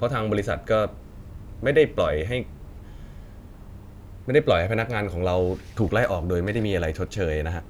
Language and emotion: Thai, neutral